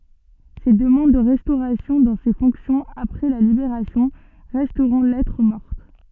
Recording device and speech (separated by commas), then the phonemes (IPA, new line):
soft in-ear microphone, read sentence
se dəmɑ̃d də ʁɛstoʁasjɔ̃ dɑ̃ se fɔ̃ksjɔ̃z apʁɛ la libeʁasjɔ̃ ʁɛstʁɔ̃ lɛtʁ mɔʁt